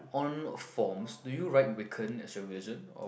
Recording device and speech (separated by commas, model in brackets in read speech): boundary microphone, conversation in the same room